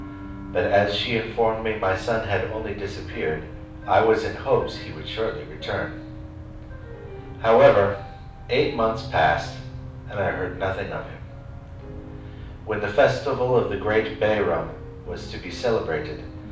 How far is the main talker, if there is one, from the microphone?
5.8 m.